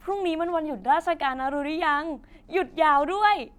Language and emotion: Thai, happy